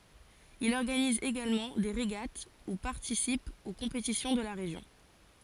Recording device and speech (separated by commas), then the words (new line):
forehead accelerometer, read sentence
Il organise également des régates ou participe aux compétitions de la région.